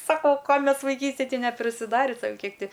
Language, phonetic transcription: Lithuanian, ˈsako ˈko ˈmes vaiˈkystėj ˈti neprisiˈdari ˈsau ˈkiek ˈti

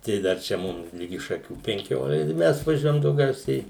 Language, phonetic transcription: Lithuanian, tai ˈdar čia ˈmum ˈligi šaˈkių penˈkiol ˈmes vaˈžiuojam dauˈgiausiai

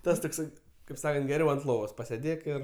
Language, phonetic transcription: Lithuanian, ˈtas tokˈsai kaip ˈsakant geˈriau ant ˈlovos pasėˈdėk ir

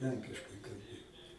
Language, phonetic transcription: Lithuanian, ˈlenkiškai kalˈbėjo

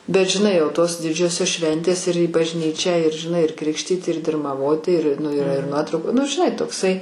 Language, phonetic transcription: Lithuanian, bet žiˈnai jau tos ˈdidžiosios ˈšventės ir į bažˈnyčią ir žiˈnai ir ˈkrikštyt ir dirmaˈvoti ir ˈnu iˈra ir ˈnuotrauku nu žiˈnai tokˈsai

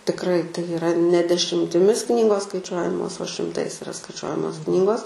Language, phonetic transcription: Lithuanian, tikˈrai tai iˈra ne dešimtiˈmis ˈknygos skaiˈčiuojamos o šimˈtais iˈra skaiˈčiuojamos ˈknygos

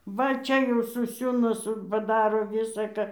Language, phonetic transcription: Lithuanian, ˈva ˈčia jau suˈsiūna ˈsu paˈdaro ˈvisa ka

